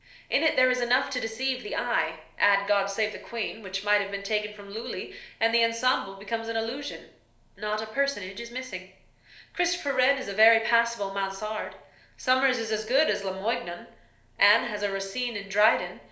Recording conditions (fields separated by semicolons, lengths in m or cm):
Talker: one person; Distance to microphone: 1.0 m; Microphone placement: close; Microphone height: 1.1 m; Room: small (3.7 m by 2.7 m); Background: none